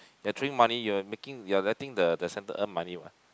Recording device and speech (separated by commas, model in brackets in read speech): close-talking microphone, conversation in the same room